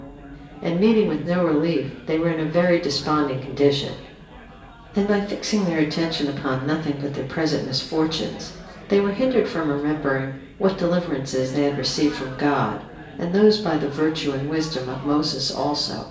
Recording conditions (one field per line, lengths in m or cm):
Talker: one person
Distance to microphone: 1.8 m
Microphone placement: close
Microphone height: 1.0 m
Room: large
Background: babble